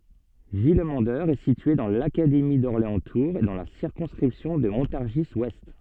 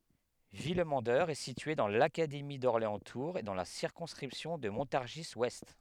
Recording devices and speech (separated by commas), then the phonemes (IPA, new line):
soft in-ear microphone, headset microphone, read sentence
vilmɑ̃dœʁ ɛ sitye dɑ̃ lakademi dɔʁleɑ̃stuʁz e dɑ̃ la siʁkɔ̃skʁipsjɔ̃ də mɔ̃taʁʒizwɛst